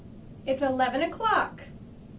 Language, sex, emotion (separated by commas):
English, female, happy